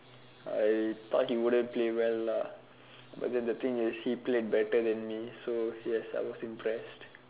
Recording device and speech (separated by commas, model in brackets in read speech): telephone, conversation in separate rooms